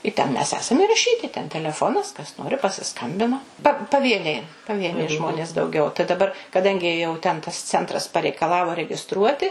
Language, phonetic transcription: Lithuanian, i ten mes ˈesam iraˈšyti ten teleˈfonas kas ˈnori pasiˈskambina pa paˈvieniai paˈvieniai ˈžmonės dauˈgiau tai daˈbar kaˈdangi jau ten tas centˈras pareikaˈlavo regiˈstruoti

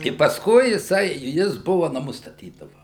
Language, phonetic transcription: Lithuanian, i pasˈkui jiˈsai ˈjis ˈbuva naˈmus staˈtydava

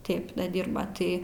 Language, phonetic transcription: Lithuanian, ˈtėp da ˈdyrba ˈtai

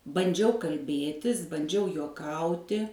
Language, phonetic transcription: Lithuanian, banˈdžiau kalˈbėtis banˈdžiau juoˈkauti

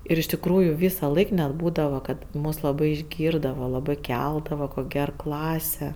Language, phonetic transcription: Lithuanian, ir iš tikˈrųju ˈvysaˌlaik net ˈbūdava ˈkad ˈmus laˈbai išˈgyrdava laˈbai ˈkeldava ˈkok' ˈger ˈklase

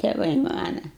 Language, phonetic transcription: Lithuanian, teˈvai ˈmana

